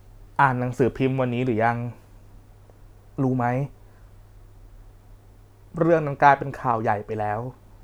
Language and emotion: Thai, sad